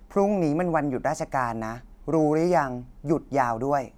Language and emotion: Thai, frustrated